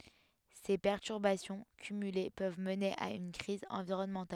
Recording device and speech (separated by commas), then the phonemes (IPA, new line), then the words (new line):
headset microphone, read sentence
se pɛʁtyʁbasjɔ̃ kymyle pøv məne a yn kʁiz ɑ̃viʁɔnmɑ̃tal
Ces perturbations cumulées peuvent mener à une crise environnementale.